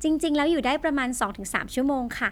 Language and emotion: Thai, neutral